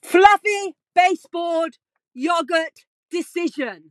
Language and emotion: English, sad